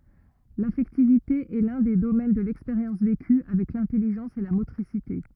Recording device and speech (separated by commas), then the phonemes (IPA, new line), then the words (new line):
rigid in-ear microphone, read sentence
lafɛktivite ɛ lœ̃ de domɛn də lɛkspeʁjɑ̃s veky avɛk lɛ̃tɛliʒɑ̃s e la motʁisite
L’affectivité est l’un des domaines de l’expérience vécue, avec l’intelligence et la motricité.